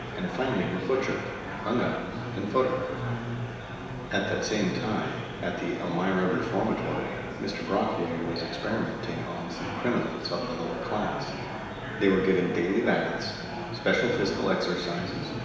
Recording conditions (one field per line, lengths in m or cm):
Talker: one person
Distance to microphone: 1.7 m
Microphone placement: close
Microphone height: 1.0 m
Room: very reverberant, large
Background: babble